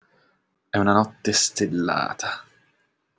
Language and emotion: Italian, disgusted